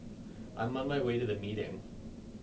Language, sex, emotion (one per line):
English
male
neutral